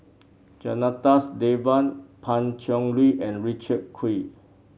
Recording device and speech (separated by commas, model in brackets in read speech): mobile phone (Samsung C7), read sentence